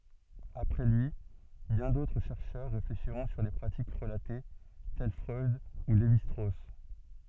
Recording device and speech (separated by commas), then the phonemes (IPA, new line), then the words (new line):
soft in-ear microphone, read sentence
apʁɛ lyi bjɛ̃ dotʁ ʃɛʁʃœʁ ʁefleʃiʁɔ̃ syʁ le pʁatik ʁəlate tɛl fʁœd u levi stʁos
Après lui, bien d'autres chercheurs réfléchiront sur les pratiques relatées, tels Freud ou Lévi-Strauss.